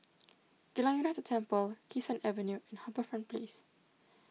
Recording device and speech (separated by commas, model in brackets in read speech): mobile phone (iPhone 6), read sentence